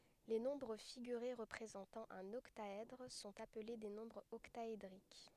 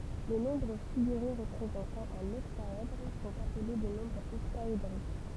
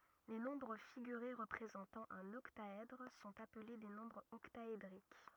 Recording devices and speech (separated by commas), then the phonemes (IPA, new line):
headset microphone, temple vibration pickup, rigid in-ear microphone, read sentence
le nɔ̃bʁ fiɡyʁe ʁəpʁezɑ̃tɑ̃ œ̃n ɔktaɛdʁ sɔ̃t aple de nɔ̃bʁz ɔktaedʁik